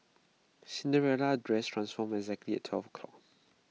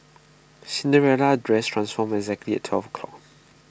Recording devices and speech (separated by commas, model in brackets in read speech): mobile phone (iPhone 6), boundary microphone (BM630), read sentence